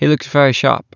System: none